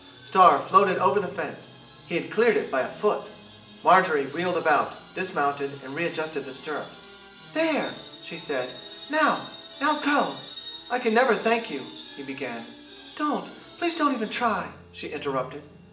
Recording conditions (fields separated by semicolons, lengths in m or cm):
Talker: one person; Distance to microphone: 1.8 m; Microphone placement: close; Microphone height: 1.0 m; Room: large; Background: television